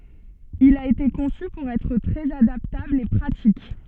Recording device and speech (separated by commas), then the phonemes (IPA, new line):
soft in-ear microphone, read sentence
il a ete kɔ̃sy puʁ ɛtʁ tʁɛz adaptabl e pʁatik